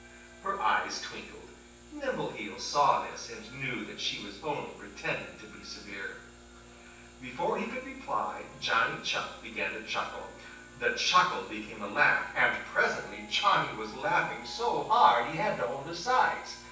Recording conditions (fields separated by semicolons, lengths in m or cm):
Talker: one person; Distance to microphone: 9.8 m; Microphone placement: far; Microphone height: 1.8 m; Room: large; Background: television